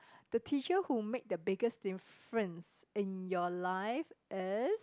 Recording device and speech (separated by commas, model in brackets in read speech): close-talking microphone, conversation in the same room